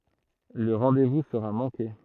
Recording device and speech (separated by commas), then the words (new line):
throat microphone, read sentence
Le rendez-vous sera manqué.